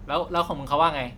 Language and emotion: Thai, neutral